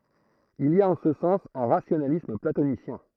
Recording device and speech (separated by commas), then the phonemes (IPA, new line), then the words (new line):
throat microphone, read sentence
il i a ɑ̃ sə sɑ̃s œ̃ ʁasjonalism platonisjɛ̃
Il y a en ce sens un rationalisme platonicien.